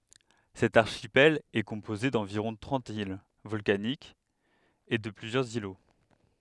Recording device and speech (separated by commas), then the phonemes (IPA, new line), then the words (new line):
headset microphone, read sentence
sɛt aʁʃipɛl ɛ kɔ̃poze dɑ̃viʁɔ̃ tʁɑ̃t il vɔlkanikz e də plyzjœʁz ilo
Cet archipel est composé d’environ trente îles volcaniques et de plusieurs îlots.